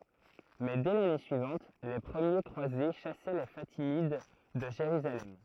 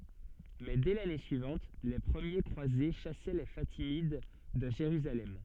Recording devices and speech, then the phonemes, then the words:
throat microphone, soft in-ear microphone, read sentence
mɛ dɛ lane syivɑ̃t le pʁəmje kʁwaze ʃasɛ le fatimid də ʒeʁyzalɛm
Mais dès l'année suivante, les premiers croisés chassaient les Fatimides de Jérusalem.

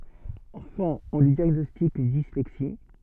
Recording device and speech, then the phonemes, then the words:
soft in-ear microphone, read sentence
ɑ̃fɑ̃ ɔ̃ lyi djaɡnɔstik yn dislɛksi
Enfant, on lui diagnostique une dyslexie.

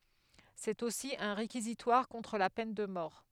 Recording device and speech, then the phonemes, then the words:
headset microphone, read sentence
sɛt osi œ̃ ʁekizitwaʁ kɔ̃tʁ la pɛn də mɔʁ
C'est aussi un réquisitoire contre la peine de mort.

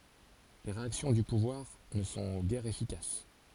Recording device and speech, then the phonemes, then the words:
forehead accelerometer, read sentence
le ʁeaksjɔ̃ dy puvwaʁ nə sɔ̃ ɡɛʁ efikas
Les réactions du pouvoir ne sont guère efficaces.

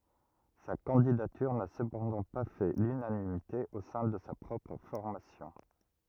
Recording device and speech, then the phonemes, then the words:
rigid in-ear microphone, read sentence
sa kɑ̃didatyʁ na səpɑ̃dɑ̃ pa fɛ lynanimite o sɛ̃ də sa pʁɔpʁ fɔʁmasjɔ̃
Sa candidature n'a cependant pas fait l'unanimité au sein de sa propre formation.

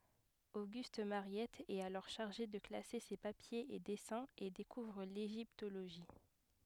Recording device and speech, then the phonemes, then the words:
headset microphone, read sentence
oɡyst maʁjɛt ɛt alɔʁ ʃaʁʒe də klase se papjez e dɛsɛ̃z e dekuvʁ leʒiptoloʒi
Auguste Mariette est alors chargé de classer ses papiers et dessins et découvre l’égyptologie.

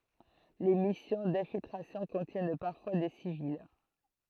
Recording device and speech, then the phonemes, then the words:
throat microphone, read sentence
le misjɔ̃ dɛ̃filtʁasjɔ̃ kɔ̃tjɛn paʁfwa de sivil
Les missions d'infiltration contiennent parfois des civils.

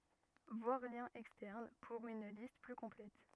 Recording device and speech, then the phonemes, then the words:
rigid in-ear microphone, read sentence
vwaʁ ljɛ̃z ɛkstɛʁn puʁ yn list ply kɔ̃plɛt
Voir Liens Externes pour une liste plus complète.

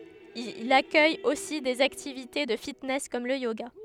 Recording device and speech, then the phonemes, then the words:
headset microphone, read sentence
il akœj osi dez aktivite də fitnɛs kɔm lə joɡa
Il accueille aussi des activités de fitness comme le yoga.

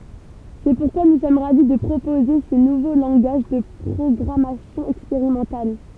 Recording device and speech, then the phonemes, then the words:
temple vibration pickup, read sentence
sɛ puʁkwa nu sɔm ʁavi də pʁopoze sə nuvo lɑ̃ɡaʒ də pʁɔɡʁamasjɔ̃ ɛkspeʁimɑ̃tal
C’est pourquoi nous sommes ravis de proposer ce nouveau langage de programmation expérimental.

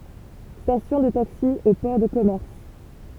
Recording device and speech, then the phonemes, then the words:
temple vibration pickup, read sentence
stasjɔ̃ də taksi o pɔʁ də kɔmɛʁs
Station de taxis au port de commerce.

